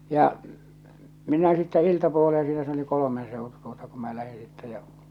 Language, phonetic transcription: Finnish, 'ja , 'minä sittä 'iltapuolee siinä se ‿oli 'kolomen 'sèotu tuota kum mä 'lähi sittɛ jä ,.
- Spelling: ja minä sitten iltapuoleen siinä se oli kolmen seutu tuota kun minä lähdin sitten ja

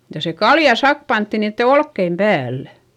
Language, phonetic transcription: Finnish, ja se kalja sak pantti niitte olkkeim päällÄ .
- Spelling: ja se kaljan sakka pantiin niiden olkien päällä

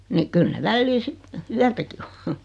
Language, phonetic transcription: Finnish, ni , 'kyl ne 'vällii 'sit , "yätäki o .
- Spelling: niin kyllä ne välillä sitten yötäkin on

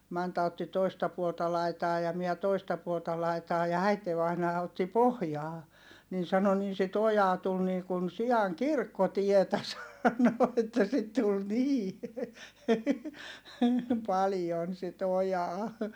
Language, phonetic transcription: Finnish, Manta otti toista puolta laitaa ja miɛ toista puolta laitaa ja äitevainaa otti pohjaa , nin̬ sano » nin sit ‿ojaa tul nii kun si₍aŋ kirkkotietä » sano että sit tul nii , paljon sit ‿ojaa .
- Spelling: Manta otti toista puolta laitaa ja minä toista puolta laitaa ja äitivainaa otti pohjaa niin sanoi niin sitä ojaa tuli niin kuin sian kirkkotietä sanoi että sitä tuli niin paljon sitä ojaa

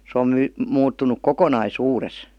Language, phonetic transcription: Finnish, 'se om 'my- , 'muuttuǹuk "kokonai"suures .
- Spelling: se on - muuttunut kokonaisuudessa

